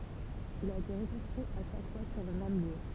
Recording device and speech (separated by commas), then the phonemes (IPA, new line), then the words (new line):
temple vibration pickup, read sentence
il a ete ʁəkɔ̃stʁyi a ʃak fwa syʁ lə mɛm ljø
Il a été reconstruit à chaque fois sur le même lieu.